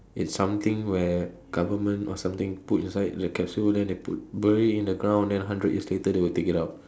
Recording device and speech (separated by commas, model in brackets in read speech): standing microphone, conversation in separate rooms